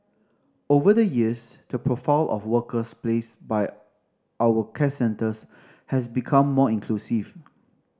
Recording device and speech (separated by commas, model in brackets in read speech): standing microphone (AKG C214), read sentence